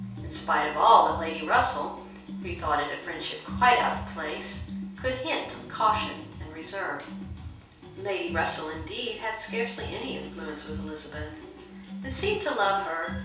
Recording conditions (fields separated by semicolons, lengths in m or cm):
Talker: one person; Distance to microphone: 3.0 m; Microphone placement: far; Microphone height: 1.8 m; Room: small (3.7 m by 2.7 m); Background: music